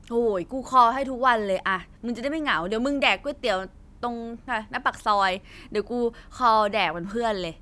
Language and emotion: Thai, frustrated